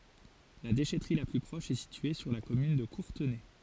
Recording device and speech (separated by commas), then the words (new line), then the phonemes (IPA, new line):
forehead accelerometer, read sentence
La déchèterie la plus proche est située sur la commune de Courtenay.
la deʃɛtʁi la ply pʁɔʃ ɛ sitye syʁ la kɔmyn də kuʁtənɛ